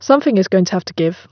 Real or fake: real